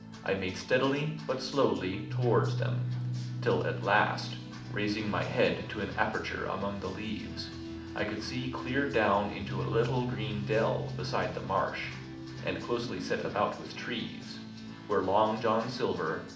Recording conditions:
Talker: one person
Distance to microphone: 2.0 m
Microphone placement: close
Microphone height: 99 cm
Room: medium-sized (5.7 m by 4.0 m)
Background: music

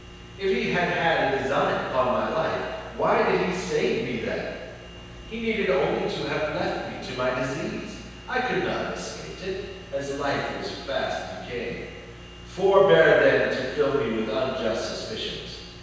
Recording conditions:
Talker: one person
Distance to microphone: 7.1 m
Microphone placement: far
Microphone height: 1.7 m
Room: very reverberant, large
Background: none

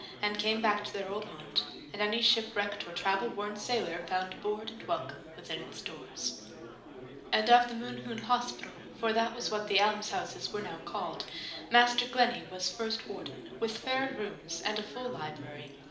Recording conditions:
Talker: one person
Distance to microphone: 2.0 m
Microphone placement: close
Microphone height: 99 cm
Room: medium-sized (5.7 m by 4.0 m)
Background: babble

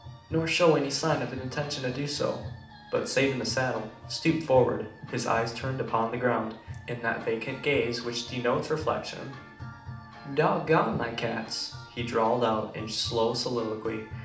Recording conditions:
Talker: one person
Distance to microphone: 2.0 m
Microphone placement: close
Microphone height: 99 cm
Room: medium-sized (5.7 m by 4.0 m)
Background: music

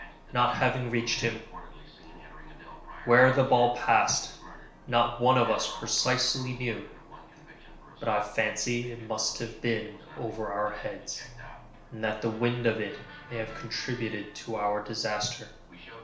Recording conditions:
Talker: one person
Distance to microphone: 1.0 m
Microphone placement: close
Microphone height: 1.1 m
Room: small (3.7 m by 2.7 m)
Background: television

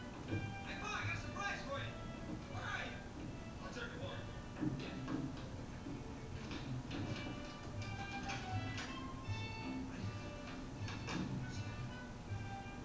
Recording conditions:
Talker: no one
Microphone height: 2.7 m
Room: medium-sized (5.7 m by 4.0 m)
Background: television

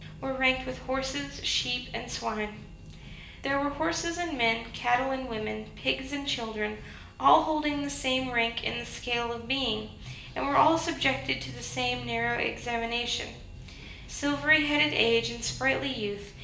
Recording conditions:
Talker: one person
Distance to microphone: 1.8 m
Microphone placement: close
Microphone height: 1.0 m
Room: large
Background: music

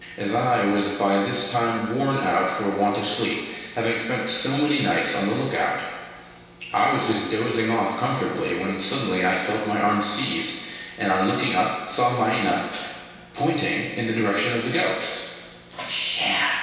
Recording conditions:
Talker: one person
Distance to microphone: 1.7 m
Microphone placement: close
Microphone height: 1.0 m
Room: very reverberant, large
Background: none

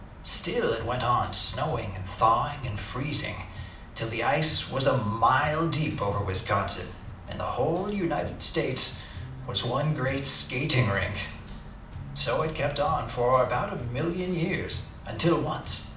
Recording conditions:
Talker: one person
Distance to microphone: 2.0 m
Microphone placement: close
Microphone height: 99 cm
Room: medium-sized (5.7 m by 4.0 m)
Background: music

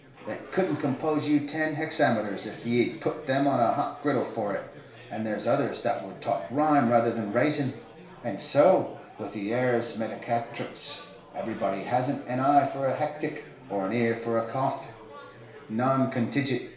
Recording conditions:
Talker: one person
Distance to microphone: 1.0 m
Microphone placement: close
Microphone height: 1.1 m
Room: small (3.7 m by 2.7 m)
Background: babble

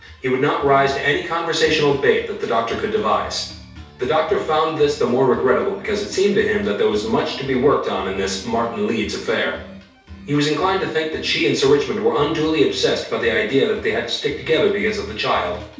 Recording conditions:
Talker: one person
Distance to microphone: 3.0 m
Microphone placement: far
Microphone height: 1.8 m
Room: small (3.7 m by 2.7 m)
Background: music

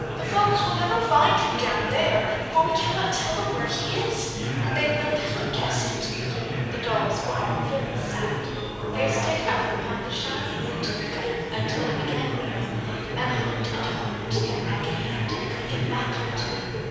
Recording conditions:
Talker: one person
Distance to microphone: 7.1 m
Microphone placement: far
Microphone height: 1.7 m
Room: very reverberant, large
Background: babble

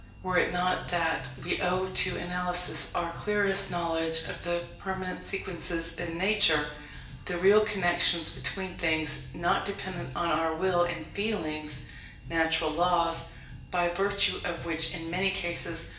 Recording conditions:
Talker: one person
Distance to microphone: 1.8 m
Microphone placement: close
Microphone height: 1.0 m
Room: large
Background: music

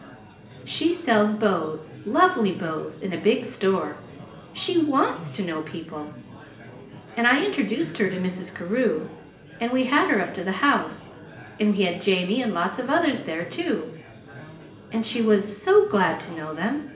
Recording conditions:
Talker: one person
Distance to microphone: 1.8 m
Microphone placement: close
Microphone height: 1.0 m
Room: large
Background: babble

